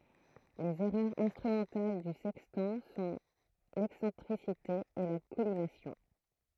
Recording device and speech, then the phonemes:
throat microphone, read sentence
lez ɛʁœʁz ɛ̃stʁymɑ̃tal dy sɛkstɑ̃ sɔ̃ lɛksɑ̃tʁisite e la kɔlimasjɔ̃

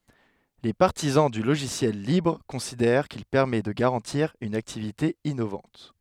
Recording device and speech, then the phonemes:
headset microphone, read sentence
le paʁtizɑ̃ dy loʒisjɛl libʁ kɔ̃sidɛʁ kil pɛʁmɛ də ɡaʁɑ̃tiʁ yn aktivite inovɑ̃t

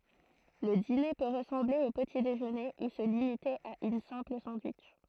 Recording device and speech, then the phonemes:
throat microphone, read sentence
lə dine pø ʁəsɑ̃ble o pəti deʒøne u sə limite a yn sɛ̃pl sɑ̃dwitʃ

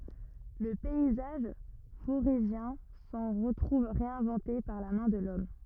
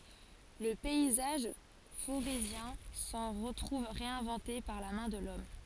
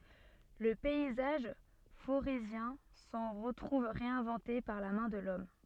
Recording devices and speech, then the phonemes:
rigid in-ear microphone, forehead accelerometer, soft in-ear microphone, read sentence
lə pɛizaʒ foʁezjɛ̃ sɑ̃ ʁətʁuv ʁeɛ̃vɑ̃te paʁ la mɛ̃ də lɔm

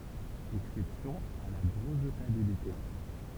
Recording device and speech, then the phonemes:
temple vibration pickup, read sentence
ɛksɛpsjɔ̃z a la bʁəvtabilite

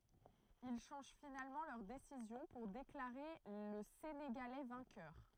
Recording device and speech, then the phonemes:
throat microphone, read sentence
il ʃɑ̃ʒ finalmɑ̃ lœʁ desizjɔ̃ puʁ deklaʁe lə seneɡalɛ vɛ̃kœʁ

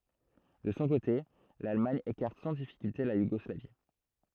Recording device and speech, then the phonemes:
throat microphone, read sentence
də sɔ̃ kote lalmaɲ ekaʁt sɑ̃ difikylte la juɡɔslavi

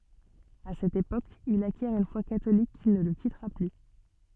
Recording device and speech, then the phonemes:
soft in-ear microphone, read sentence
a sɛt epok il akjɛʁ yn fwa katolik ki nə lə kitʁa ply

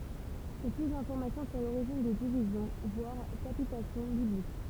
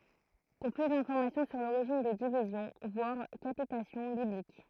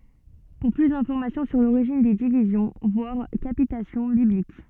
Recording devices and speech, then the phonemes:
temple vibration pickup, throat microphone, soft in-ear microphone, read sentence
puʁ ply dɛ̃fɔʁmasjɔ̃ syʁ loʁiʒin de divizjɔ̃ vwaʁ kapitasjɔ̃ biblik

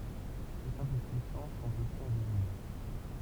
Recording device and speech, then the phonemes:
temple vibration pickup, read sentence
sɛʁtɛ̃ ply pyisɑ̃ sɔ̃t osi ɛ̃vizibl

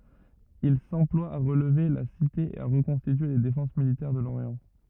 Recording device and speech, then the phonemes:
rigid in-ear microphone, read sentence
il sɑ̃plwa a ʁəlve la site e a ʁəkɔ̃stitye le defɑ̃s militɛʁ də loʁjɑ̃

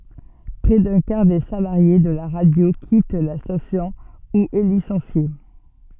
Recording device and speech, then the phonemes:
soft in-ear microphone, read sentence
pʁɛ dœ̃ kaʁ de salaʁje də la ʁadjo kit la stasjɔ̃ u ɛ lisɑ̃sje

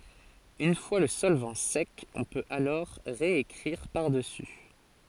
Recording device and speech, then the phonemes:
forehead accelerometer, read sentence
yn fwa lə sɔlvɑ̃ sɛk ɔ̃ pøt alɔʁ ʁeekʁiʁ paʁdəsy

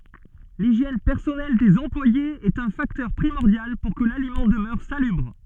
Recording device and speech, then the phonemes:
soft in-ear microphone, read sentence
liʒjɛn pɛʁsɔnɛl dez ɑ̃plwajez ɛt œ̃ faktœʁ pʁimɔʁdjal puʁ kə lalimɑ̃ dəmœʁ salybʁ

